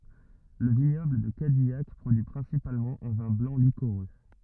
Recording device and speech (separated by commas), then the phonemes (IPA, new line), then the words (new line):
rigid in-ear microphone, read sentence
lə viɲɔbl də kadijak pʁodyi pʁɛ̃sipalmɑ̃ œ̃ vɛ̃ blɑ̃ likoʁø
Le vignoble de Cadillac produit principalement un vin blanc liquoreux.